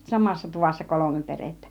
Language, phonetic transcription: Finnish, 'samassa 'tuvassa 'kolome 'perettä .
- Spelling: samassa tuvassa kolme perhettä

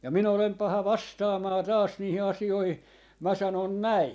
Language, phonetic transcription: Finnish, ja 'minä olem 'paha "vastaamaa "taas 'niihi 'asi₍oihi , 'mä 'sanon "näi .
- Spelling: ja minä olen paha vastaamaan taas niihin asioihin minä sanon näin

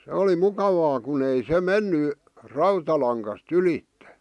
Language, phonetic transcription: Finnish, 'se oli 'mukavaa kun ‿ei "se "menny , 'rautalaŋkas"t ‿ylitte .
- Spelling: se oli mukavaa kun ei se mennyt rautalangasta ylitse

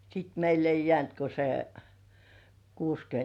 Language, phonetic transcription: Finnish, 'sit meill ‿ei "jĕä̀nt ko se , 'kuuskyönt .
- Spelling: sitten meille ei jäänyt kuin se kuusikymmentä

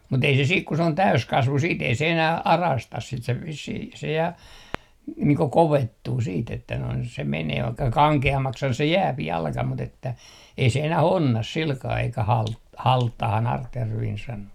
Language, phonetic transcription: Finnish, mut ‿ei se siik ku se on "täyskasvu 'siit ei se enäh , "arastas sit se vissih ja , niiŋ ko "kovettuu siit ‿että noin se 'menee vaikka "kaŋke₍ammakshan se "jääp 'jalka mut ‿että , ei se enä"h ‿onnas 'silkaa eikä halt- , "halttahan 'artjärviin 'sano .
- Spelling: mutta ei se sitten kun se on täysikasvu sitten ei se enää arasta sitä se vissiin ja niin kuin kovettuu sitten että noin se menee vaikka kankeammaksihan se jää jalka mutta että ei se enää onna sillä kalella eikä - halttaahan artjärvinen sanoi

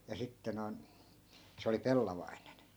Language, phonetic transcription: Finnish, ja 'sitte noi̮n , 'se oli "pellavainen .
- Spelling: ja sitten noin se oli pellavainen

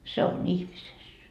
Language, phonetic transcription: Finnish, 'se on "ihmises .
- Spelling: se on ihmisessä

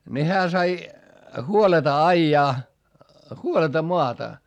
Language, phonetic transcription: Finnish, ni hää sai , huoleta aijaa , huoleta moata .
- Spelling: niin hän sai huoletta ajaa huoletta maata

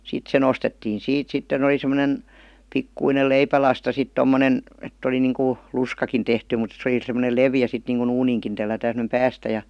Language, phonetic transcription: Finnish, 'sit se nostettiin̬ 'siit 'sitten ‿oˡi sem°nen , 'pikkuinel "leipälasta sit 'tommonen , et't ‿oli niŋku , 'luskakin tehty mut se oli sem̆monel 'levi₍ä sit niiŋku'n̬ ‿uuniiŋkin tellätään sem°nem "päästä ja .
- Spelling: sitten se nostettiin siitä sitten oli semmoinen pikkuinen leipälasta sitten tuommoinen että oli niin kuin lusikkakin tehty mutta se oli semmoinen leveä sitten niin kuin uuniinkin tellätään semmoinen päästä ja

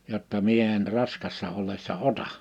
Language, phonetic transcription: Finnish, jotta » 'mie en 'raskassa 'ollessa "ota .
- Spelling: jotta minä en raskaana ollessa ota

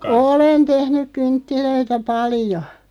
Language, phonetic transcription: Finnish, olen 'tehnyᵏ 'kynttilöitä "palⁱjo .
- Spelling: olen tehnyt kynttilöitä paljon

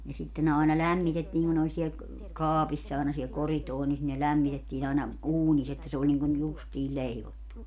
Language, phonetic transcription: Finnish, ja sitte ne àena 'lämmitettii ku ne oĺ siel , 'kaapiss ‿àena siel 'koritoonis ne 'lämmitettiin ‿aina , 'uuniss ‿että se oĺ niŋkun 'justii 'ĺeivottu .
- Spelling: ja sitten ne aina lämmitettiin kun ne oli siellä kaapissa aina siellä koridorissa ne lämmitettiin aina uunissa että se oli niin kuin justiin leivottu

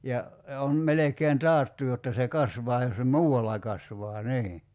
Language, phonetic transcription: Finnish, ja , ja on 'melekeen "taattu jotta se "kasvaa jos se "muu₍alla kasvaa "nii .
- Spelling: ja ja on melkein taattu jotta se kasvaa jos se muualla kasvaa niin

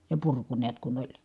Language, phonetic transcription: Finnish, ja purku niät kun ‿oĺ .
- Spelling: ja purku näet kun oli

